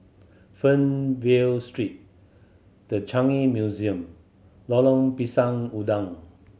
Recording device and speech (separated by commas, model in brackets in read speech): mobile phone (Samsung C7100), read sentence